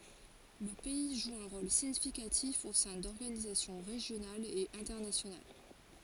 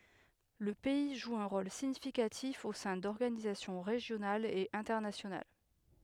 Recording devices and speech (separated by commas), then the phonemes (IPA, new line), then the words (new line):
forehead accelerometer, headset microphone, read sentence
lə pɛi ʒu œ̃ ʁol siɲifikatif o sɛ̃ dɔʁɡanizasjɔ̃ ʁeʒjonalz e ɛ̃tɛʁnasjonal
Le pays joue un rôle significatif au sein d'organisations régionales et internationales.